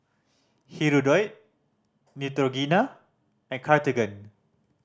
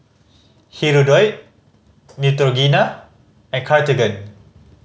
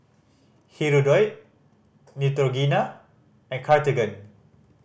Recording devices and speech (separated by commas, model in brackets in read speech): standing microphone (AKG C214), mobile phone (Samsung C5010), boundary microphone (BM630), read sentence